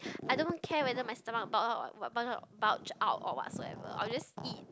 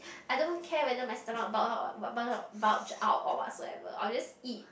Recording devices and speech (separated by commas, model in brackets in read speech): close-talking microphone, boundary microphone, conversation in the same room